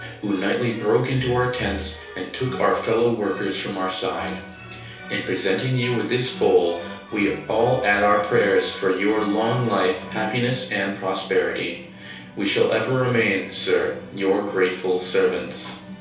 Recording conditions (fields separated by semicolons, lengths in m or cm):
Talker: one person; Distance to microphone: 3.0 m; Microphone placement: far; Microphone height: 1.8 m; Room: small (3.7 m by 2.7 m); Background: music